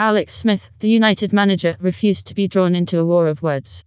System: TTS, vocoder